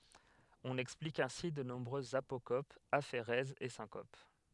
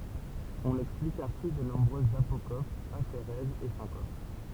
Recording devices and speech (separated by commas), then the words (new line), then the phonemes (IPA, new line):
headset microphone, temple vibration pickup, read sentence
On explique ainsi de nombreuses apocopes, aphérèses et syncopes.
ɔ̃n ɛksplik ɛ̃si də nɔ̃bʁøzz apokopz afeʁɛzz e sɛ̃kop